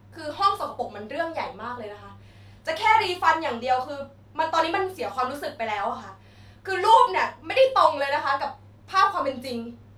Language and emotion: Thai, angry